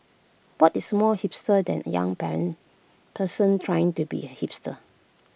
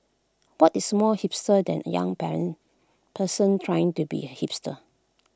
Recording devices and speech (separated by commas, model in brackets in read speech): boundary microphone (BM630), close-talking microphone (WH20), read sentence